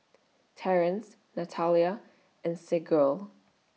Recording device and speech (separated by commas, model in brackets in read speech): mobile phone (iPhone 6), read sentence